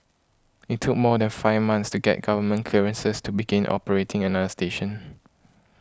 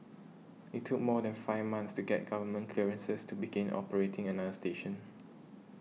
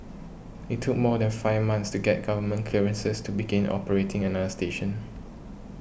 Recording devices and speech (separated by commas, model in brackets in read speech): close-talking microphone (WH20), mobile phone (iPhone 6), boundary microphone (BM630), read sentence